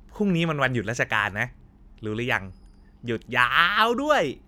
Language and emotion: Thai, happy